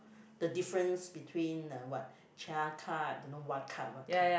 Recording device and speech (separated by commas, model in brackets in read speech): boundary microphone, conversation in the same room